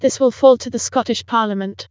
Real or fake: fake